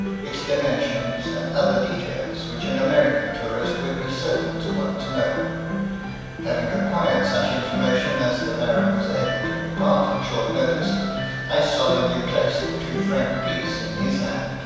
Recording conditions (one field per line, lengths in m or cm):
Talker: one person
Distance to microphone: 7.1 m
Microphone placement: far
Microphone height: 1.7 m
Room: very reverberant, large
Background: music